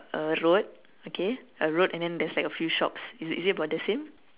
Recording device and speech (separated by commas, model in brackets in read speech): telephone, conversation in separate rooms